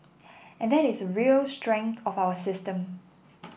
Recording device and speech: boundary microphone (BM630), read sentence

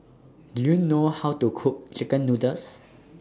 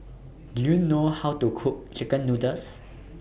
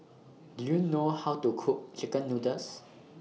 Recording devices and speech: standing microphone (AKG C214), boundary microphone (BM630), mobile phone (iPhone 6), read sentence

